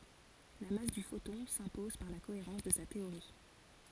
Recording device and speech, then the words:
forehead accelerometer, read sentence
La masse du photon s’impose par la cohérence de sa théorie.

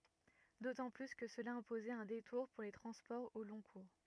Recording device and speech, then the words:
rigid in-ear microphone, read sentence
D'autant plus que cela imposait un détour pour les transports au long cours.

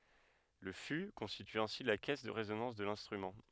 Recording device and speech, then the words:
headset microphone, read sentence
Le fût constitue ainsi la caisse de résonance de l'instrument.

